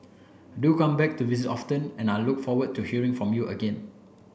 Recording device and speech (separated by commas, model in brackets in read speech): boundary microphone (BM630), read sentence